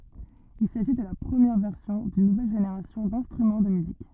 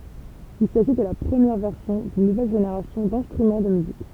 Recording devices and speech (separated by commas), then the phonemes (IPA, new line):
rigid in-ear microphone, temple vibration pickup, read sentence
il saʒi də la pʁəmjɛʁ vɛʁsjɔ̃ dyn nuvɛl ʒeneʁasjɔ̃ dɛ̃stʁymɑ̃ də myzik